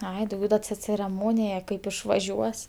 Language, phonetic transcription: Lithuanian, ˈai dauˈgiau da ce cereˈmonija kaip išvaˈžiuos

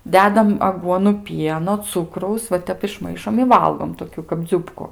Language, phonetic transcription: Lithuanian, ˈdedam aˈguonu ˈpieno ˈcukraus va ˈtep išˈmaišom i ˈvalgom toˈkiu kap ˈdziubku

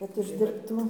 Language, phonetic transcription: Lithuanian, kad uždirbˈtų

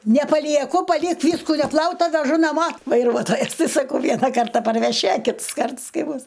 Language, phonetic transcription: Lithuanian, nepalieˈku paˈlik ˈvysku neˈplauta veˈžu naˈmo vaiˈruotojas saˈkau ˈviena ˈkarta parveˈši a ˈkits ˈkarts ˈkai ˈbus

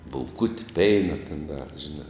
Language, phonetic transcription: Lithuanian, bulˈkuti ˈpeina ten da žiˈnā

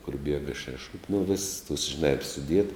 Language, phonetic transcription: Lithuanian, kur ˈbiega šeˈšupi nu vis tuos žiˈnā ˈir suˈdiet

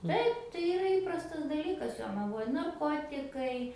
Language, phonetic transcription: Lithuanian, ˈtaip tai iˈra ˈįprastas daˈlykas jonaˈvoj narˈkotikai

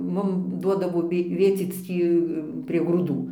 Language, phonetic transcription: Lithuanian, ˈmum ˈduodavo ˈvė ˈvėcyc ˈtį prie grūˈdų

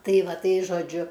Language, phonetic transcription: Lithuanian, ˈtai ˈva ˈtai žoˈdžiu

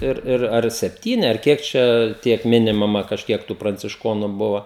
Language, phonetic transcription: Lithuanian, ˈir ˈir ar sepˈtyni ar ˈkiek čia ˈtiek ˈminimama kažˈkiek tų prancišˈkonu ˈbuva

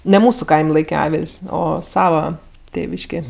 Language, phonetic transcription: Lithuanian, ne ˈmūsu ˈkaim' ˈlaike ˈavil's' ˈo ˈsava ˈtėviškė

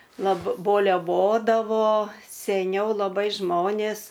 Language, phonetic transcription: Lithuanian, lab boleˈvodavo seˈniau laˈbai ˈžmonės

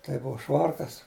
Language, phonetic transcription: Lithuanian, tai ˈbuva ˈšvarkas

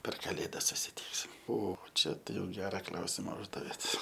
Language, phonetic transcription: Lithuanian, per kaˈlėdas susiˈtyksim ˈo ˈčia tai jau ˈgera ˈklausima ˈuždavėt

